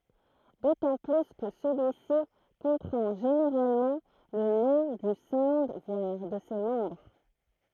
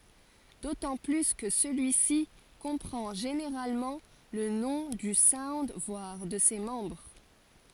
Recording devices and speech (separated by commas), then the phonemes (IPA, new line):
throat microphone, forehead accelerometer, read sentence
dotɑ̃ ply kə səlyisi kɔ̃pʁɑ̃ ʒeneʁalmɑ̃ lə nɔ̃ dy saund vwaʁ də se mɑ̃bʁ